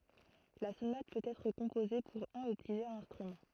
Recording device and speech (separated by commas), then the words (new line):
throat microphone, read sentence
La sonate peut être composée pour un ou plusieurs instruments.